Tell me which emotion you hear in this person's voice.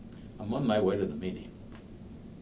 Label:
neutral